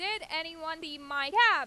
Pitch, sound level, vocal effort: 325 Hz, 100 dB SPL, very loud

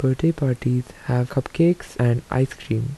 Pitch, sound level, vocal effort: 130 Hz, 76 dB SPL, soft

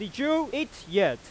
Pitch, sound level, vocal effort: 225 Hz, 98 dB SPL, very loud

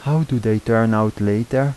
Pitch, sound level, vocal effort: 115 Hz, 83 dB SPL, soft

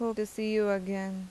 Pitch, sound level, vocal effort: 210 Hz, 84 dB SPL, normal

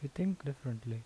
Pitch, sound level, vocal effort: 140 Hz, 77 dB SPL, normal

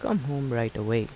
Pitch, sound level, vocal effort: 120 Hz, 79 dB SPL, soft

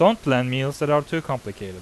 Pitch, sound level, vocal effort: 135 Hz, 89 dB SPL, normal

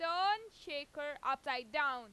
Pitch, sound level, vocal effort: 290 Hz, 99 dB SPL, very loud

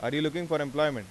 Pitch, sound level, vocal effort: 150 Hz, 92 dB SPL, loud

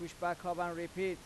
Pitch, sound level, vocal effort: 175 Hz, 93 dB SPL, loud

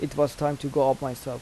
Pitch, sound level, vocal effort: 140 Hz, 84 dB SPL, normal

